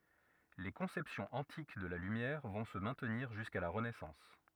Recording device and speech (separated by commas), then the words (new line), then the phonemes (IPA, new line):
rigid in-ear microphone, read sentence
Les conceptions antiques de la lumière vont se maintenir jusqu'à la Renaissance.
le kɔ̃sɛpsjɔ̃z ɑ̃tik də la lymjɛʁ vɔ̃ sə mɛ̃tniʁ ʒyska la ʁənɛsɑ̃s